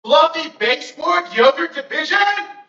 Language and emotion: English, fearful